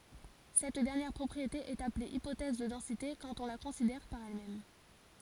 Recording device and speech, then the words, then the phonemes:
forehead accelerometer, read sentence
Cette dernière propriété est appelée hypothèse de densité quand on la considère par elle-même.
sɛt dɛʁnjɛʁ pʁɔpʁiete ɛt aple ipotɛz də dɑ̃site kɑ̃t ɔ̃ la kɔ̃sidɛʁ paʁ ɛl mɛm

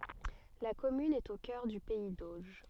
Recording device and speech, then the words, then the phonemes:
soft in-ear microphone, read sentence
La commune est au cœur du pays d'Auge.
la kɔmyn ɛt o kœʁ dy pɛi doʒ

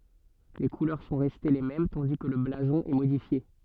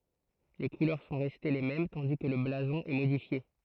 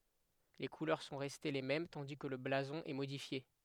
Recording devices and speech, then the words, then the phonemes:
soft in-ear microphone, throat microphone, headset microphone, read sentence
Les couleurs sont restées les mêmes tandis que le blason est modifié.
le kulœʁ sɔ̃ ʁɛste le mɛm tɑ̃di kə lə blazɔ̃ ɛ modifje

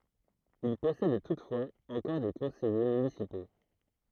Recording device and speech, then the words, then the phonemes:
throat microphone, read sentence
Il possède toutefois encore des conseillers municipaux.
il pɔsɛd tutfwaz ɑ̃kɔʁ de kɔ̃sɛje mynisipo

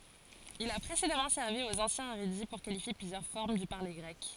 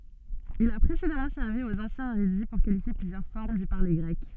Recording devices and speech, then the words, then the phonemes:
forehead accelerometer, soft in-ear microphone, read sentence
Il a précédemment servi aux anciens érudits pour qualifier plusieurs formes du parler grec.
il a pʁesedamɑ̃ sɛʁvi oz ɑ̃sjɛ̃z eʁydi puʁ kalifje plyzjœʁ fɔʁm dy paʁle ɡʁɛk

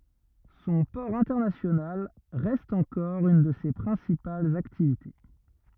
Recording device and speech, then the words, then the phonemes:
rigid in-ear microphone, read sentence
Son port international reste encore une de ses principales activités.
sɔ̃ pɔʁ ɛ̃tɛʁnasjonal ʁɛst ɑ̃kɔʁ yn də se pʁɛ̃sipalz aktivite

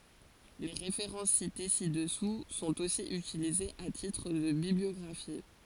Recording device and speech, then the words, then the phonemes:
forehead accelerometer, read sentence
Les références citées ci-dessous sont aussi utilisées à titre de bibliographie.
le ʁefeʁɑ̃s site si dəsu sɔ̃t osi ytilizez a titʁ də bibliɔɡʁafi

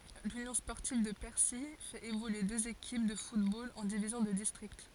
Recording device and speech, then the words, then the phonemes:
forehead accelerometer, read sentence
L'Union sportive de Percy fait évoluer deux équipes de football en divisions de district.
lynjɔ̃ spɔʁtiv də pɛʁsi fɛt evolye døz ekip də futbol ɑ̃ divizjɔ̃ də distʁikt

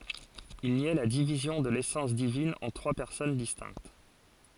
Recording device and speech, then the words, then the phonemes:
forehead accelerometer, read sentence
Il niait la division de l'essence divine en trois personnes distinctes.
il njɛ la divizjɔ̃ də lesɑ̃s divin ɑ̃ tʁwa pɛʁsɔn distɛ̃kt

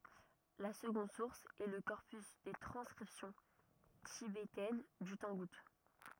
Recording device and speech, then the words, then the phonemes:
rigid in-ear microphone, read sentence
La seconde source est le corpus des transcriptions tibétaines du tangoute.
la səɡɔ̃d suʁs ɛ lə kɔʁpys de tʁɑ̃skʁipsjɔ̃ tibetɛn dy tɑ̃ɡut

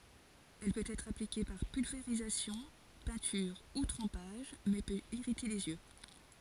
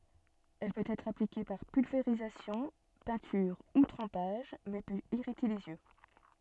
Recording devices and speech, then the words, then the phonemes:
forehead accelerometer, soft in-ear microphone, read sentence
Elle peut être appliquée par pulvérisation, peinture ou trempage mais peut irriter les yeux.
ɛl pøt ɛtʁ aplike paʁ pylveʁizasjɔ̃ pɛ̃tyʁ u tʁɑ̃paʒ mɛ pøt iʁite lez jø

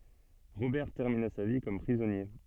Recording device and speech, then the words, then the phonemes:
soft in-ear microphone, read sentence
Robert termina sa vie comme prisonnier.
ʁobɛʁ tɛʁmina sa vi kɔm pʁizɔnje

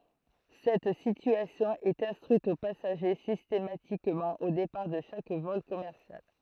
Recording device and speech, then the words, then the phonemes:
throat microphone, read sentence
Cette situation est instruite aux passagers systématiquement au départ de chaque vol commercial.
sɛt sityasjɔ̃ ɛt ɛ̃stʁyit o pasaʒe sistematikmɑ̃ o depaʁ də ʃak vɔl kɔmɛʁsjal

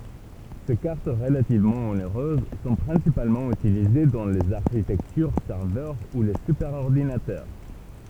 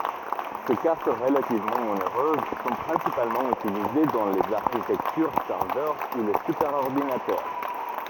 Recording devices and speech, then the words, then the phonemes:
temple vibration pickup, rigid in-ear microphone, read sentence
Ces cartes relativement onéreuses sont principalement utilisées dans les architectures serveur ou les superordinateurs.
se kaʁt ʁəlativmɑ̃ oneʁøz sɔ̃ pʁɛ̃sipalmɑ̃ ytilize dɑ̃ lez aʁʃitɛktyʁ sɛʁvœʁ u le sypɛʁɔʁdinatœʁ

